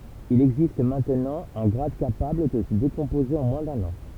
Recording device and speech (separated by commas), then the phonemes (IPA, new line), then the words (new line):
temple vibration pickup, read sentence
il ɛɡzist mɛ̃tnɑ̃ œ̃ ɡʁad kapabl də sə dekɔ̃poze ɑ̃ mwɛ̃ dœ̃n ɑ̃
Il existe maintenant un grade capable de se décomposer en moins d'un an.